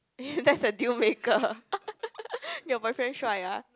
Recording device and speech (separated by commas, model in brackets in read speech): close-talking microphone, conversation in the same room